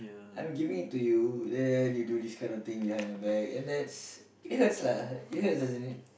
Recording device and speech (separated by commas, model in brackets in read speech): boundary microphone, conversation in the same room